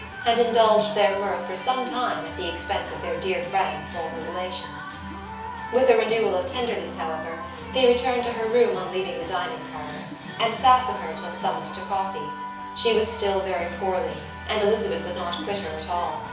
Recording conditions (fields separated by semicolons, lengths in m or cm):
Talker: one person; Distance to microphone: 3.0 m; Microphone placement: far; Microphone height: 1.8 m; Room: small (3.7 m by 2.7 m); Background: music